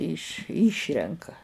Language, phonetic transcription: Lithuanian, iš ˈyšrenka

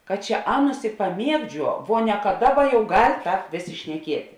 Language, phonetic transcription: Lithuanian, kad ˈčia ˈaˌnus i paˈmiegˌdžiuo vo ne ka ˈdaˌba jau gal' ˈtāp ˈvėˌsė šneˈkieti

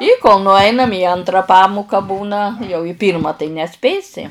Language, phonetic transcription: Lithuanian, i kol nuˈainam į ˈantra ˈpamuka ˈbūna jau i ˈpyrma tai neˈspėsi

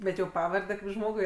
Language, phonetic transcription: Lithuanian, ˈbet jau ˈpavarde kaip ˈžmogui

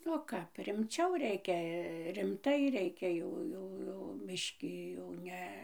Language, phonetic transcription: Lithuanian, o ˈkap rimˈčiau ˈreikia rimˈtai ˈreikia ˈjau ˈjau ˈjau mišˈki jau ˈne

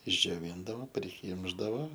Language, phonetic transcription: Lithuanian, išdžioˈvyndavo priˈkymšdavo

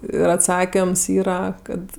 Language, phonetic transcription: Lithuanian, ir atˈsakims ˈyra ˈkad

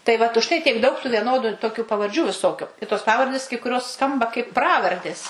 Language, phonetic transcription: Lithuanian, tai ˈvat už ˈtai tiek daug tų vieˈnodu toˈkių pavarˈdžių viˈsokiu i tos ˈpavardės kai kuˈrios ˈskamba kaip ˈpravardės

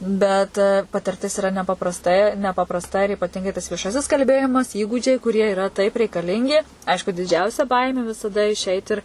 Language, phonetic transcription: Lithuanian, bet patirˈtis iˈra nepaprasˈtai nepaprasˈta ir ipaˈtingai tas vieˈšasis kalˈbėjimas ˈįgūdžiai kuˈrie iˈra taip reikaˈlingi ˈaišku diˈdžiausia ˈbaimė visaˈda išˈeit ir

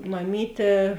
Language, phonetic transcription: Lithuanian, maˈmytė

